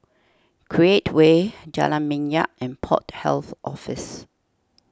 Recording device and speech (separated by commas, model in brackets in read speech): standing microphone (AKG C214), read sentence